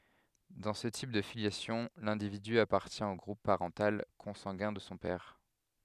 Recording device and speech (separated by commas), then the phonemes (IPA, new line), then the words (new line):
headset microphone, read sentence
dɑ̃ sə tip də filjasjɔ̃ lɛ̃dividy apaʁtjɛ̃ o ɡʁup paʁɑ̃tal kɔ̃sɑ̃ɡɛ̃ də sɔ̃ pɛʁ
Dans ce type de filiation, l'individu appartient au groupe parental consanguin de son père.